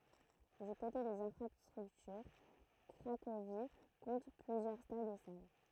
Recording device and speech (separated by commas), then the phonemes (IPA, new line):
throat microphone, read sentence
dy kote dez ɛ̃fʁastʁyktyʁ kʁakovi kɔ̃t plyzjœʁ stadz e sal